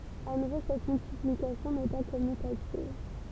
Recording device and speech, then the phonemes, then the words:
temple vibration pickup, read sentence
a nuvo sɛt myltiplikasjɔ̃ nɛ pa kɔmytativ
À nouveau cette multiplication n'est pas commutative.

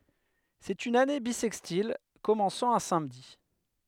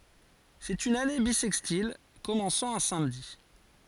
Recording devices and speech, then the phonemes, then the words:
headset microphone, forehead accelerometer, read sentence
sɛt yn ane bisɛkstil kɔmɑ̃sɑ̃ œ̃ samdi
C'est une année bissextile commençant un samedi.

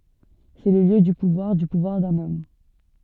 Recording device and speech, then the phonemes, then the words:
soft in-ear microphone, read sentence
sɛ lə ljø dy puvwaʁ dy puvwaʁ dœ̃n ɔm
C’est le lieu du pouvoir, du pouvoir d’un homme.

